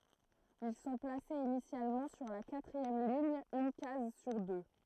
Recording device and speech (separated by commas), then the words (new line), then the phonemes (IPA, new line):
throat microphone, read sentence
Ils sont placés initialement sur la quatrième ligne, une case sur deux.
il sɔ̃ plasez inisjalmɑ̃ syʁ la katʁiɛm liɲ yn kaz syʁ dø